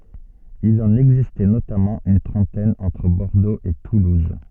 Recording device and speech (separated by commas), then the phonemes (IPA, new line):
soft in-ear microphone, read sentence
il ɑ̃n ɛɡzistɛ notamɑ̃ yn tʁɑ̃tɛn ɑ̃tʁ bɔʁdoz e tuluz